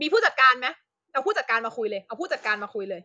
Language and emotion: Thai, angry